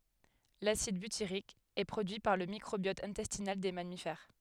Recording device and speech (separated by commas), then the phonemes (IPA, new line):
headset microphone, read sentence
lasid bytiʁik ɛ pʁodyi paʁ lə mikʁobjɔt ɛ̃tɛstinal de mamifɛʁ